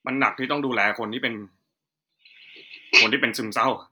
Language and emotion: Thai, sad